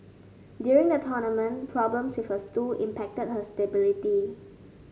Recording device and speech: mobile phone (Samsung S8), read sentence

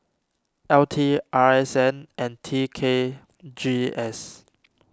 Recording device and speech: standing microphone (AKG C214), read sentence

